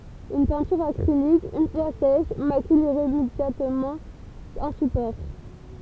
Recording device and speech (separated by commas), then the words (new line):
temple vibration pickup, read sentence
Une peinture acrylique, une fois sèche, macule irrémédiablement un support.